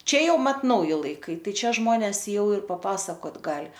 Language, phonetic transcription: Lithuanian, ˈčia ˈjau ˈmat ˈnauji laiˈkai ˈtai ˈčia ˈžmones ˈjau ir paˈpasakot ˈgali

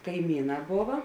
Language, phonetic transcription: Lithuanian, kaiˈmyˌnā ˈbova

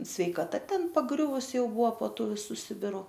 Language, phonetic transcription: Lithuanian, sveikaˈta ˈten paˈgriuvus ˈjau ˈbua po ˈtų viˈsų ˈsibiru

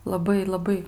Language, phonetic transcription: Lithuanian, laˈbai laˈbai

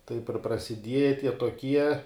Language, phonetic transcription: Lithuanian, ˈtaip ir prasiˈdieja ˈtie toˈkie

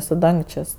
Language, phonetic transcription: Lithuanian, su ˈdangčės'

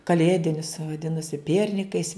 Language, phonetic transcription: Lithuanian, kaˈlėdinius vaˈdinasi ˈpiernikais

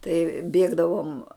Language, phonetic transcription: Lithuanian, tai ˈbėgdavom

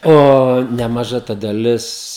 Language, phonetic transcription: Lithuanian, ˈo nemaˈža ta daˈlis

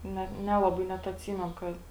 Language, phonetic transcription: Lithuanian, ˈnet ˈnelaˌbai ˈnet atˈsymenu ˈkad

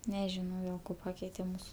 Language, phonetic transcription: Lithuanian, neˈžinau jau ˈko ˈpakeite ˈmūsu

